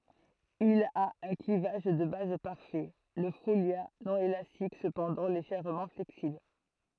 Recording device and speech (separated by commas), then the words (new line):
throat microphone, read sentence
Il a un clivage de base parfait, le folia non élastique cependant légèrement flexible.